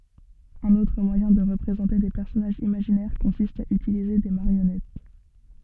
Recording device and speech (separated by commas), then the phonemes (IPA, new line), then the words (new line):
soft in-ear microphone, read sentence
œ̃n otʁ mwajɛ̃ də ʁəpʁezɑ̃te de pɛʁsɔnaʒz imaʒinɛʁ kɔ̃sist a ytilize de maʁjɔnɛt
Un autre moyen de représenter des personnages imaginaires consiste à utiliser des marionnettes.